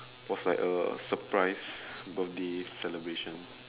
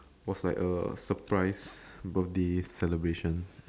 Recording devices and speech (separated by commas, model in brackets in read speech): telephone, standing microphone, conversation in separate rooms